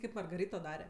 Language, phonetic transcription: Lithuanian, ˈkaip margaˈrito ˈdare

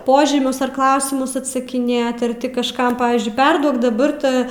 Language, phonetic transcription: Lithuanian, ˈpožymius ar ˈklausimus atsakiˈnėt ar ˈti kažˈkam ˈpavyzdžiui ˈperduok daˈbar ˈtą

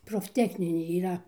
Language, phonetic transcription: Lithuanian, profˈtechninė yˈra

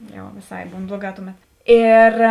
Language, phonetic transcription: Lithuanian, jau vėˈsai ˈbūn ˈbluoˌgā ˈtuˌmet ˈėr

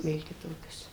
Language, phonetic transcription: Lithuanian, ˈvėl kiˈtokios

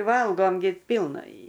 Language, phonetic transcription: Lithuanian, ˈvalgom gi ˈpylna i

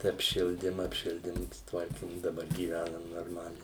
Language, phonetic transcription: Lithuanian, tai apˈšildim apˈšildim suˈtvarkim daˈbar gyˈvænam norˈmaliai

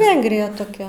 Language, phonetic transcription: Lithuanian, ˈvengrija toˈkia

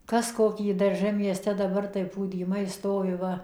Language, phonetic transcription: Lithuanian, ˈkas ˈkokį darˈžə mieˈste daˈbar tai pūdyˈmai ˈstovi ˈva

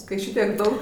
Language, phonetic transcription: Lithuanian, kai ˈšitiek ˈdaug

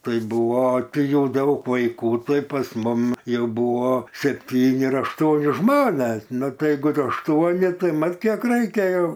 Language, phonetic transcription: Lithuanian, ˈtai ˈbūvo ˈtai ˈjau ˈdaug vaiˈkų ˈtai pas ˈmum ˈjau ˈbūvo sepˈtyni ar ašˈtuoni ˈžmones ˈnu ˈtai jeiˈgu ašˈtuoni ˈtai ˈmat kiek raiˈkėjo

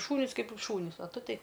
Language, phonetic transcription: Lithuanian, ˈšūnys ˈkaip šūˈnys o ˈtu ˈtei

